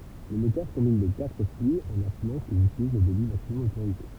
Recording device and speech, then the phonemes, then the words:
temple vibration pickup, read sentence
lemɛtœʁ kɔ̃bin le katʁ fly ɑ̃n asymɑ̃ kilz ytiliz lə debi maksimɔm otoʁize
L'émetteur combine les quatre flux en assumant qu'ils utilisent le débit maximum autorisé.

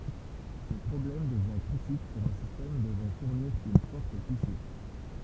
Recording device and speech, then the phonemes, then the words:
temple vibration pickup, read sentence
sə pʁɔblɛm dəvjɛ̃ kʁitik puʁ œ̃ sistɛm dəvɑ̃ fuʁniʁ yn fɔʁt puse
Ce problème devient critique pour un système devant fournir une forte poussée.

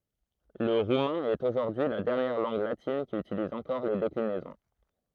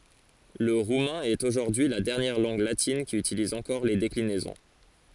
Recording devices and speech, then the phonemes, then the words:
throat microphone, forehead accelerometer, read sentence
lə ʁumɛ̃ ɛt oʒuʁdyi y la dɛʁnjɛʁ lɑ̃ɡ latin ki ytiliz ɑ̃kɔʁ le deklinɛzɔ̃
Le roumain est aujourd'hui la dernière langue latine qui utilise encore les déclinaisons.

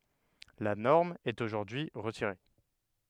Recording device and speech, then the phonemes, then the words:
headset microphone, read sentence
la nɔʁm ɛt oʒuʁdyi ʁətiʁe
La norme est aujourd’hui retirée.

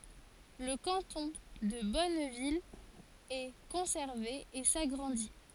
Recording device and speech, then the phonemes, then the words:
forehead accelerometer, read sentence
lə kɑ̃tɔ̃ də bɔnvil ɛ kɔ̃sɛʁve e saɡʁɑ̃di
Le canton de Bonneville est conservé et s'agrandit.

